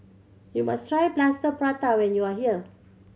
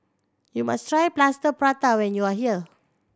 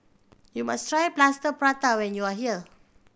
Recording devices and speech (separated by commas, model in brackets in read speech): mobile phone (Samsung C7100), standing microphone (AKG C214), boundary microphone (BM630), read sentence